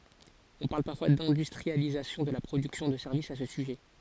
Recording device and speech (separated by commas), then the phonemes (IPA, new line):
forehead accelerometer, read sentence
ɔ̃ paʁl paʁfwa dɛ̃dystʁializasjɔ̃ də la pʁodyksjɔ̃ də sɛʁvisz a sə syʒɛ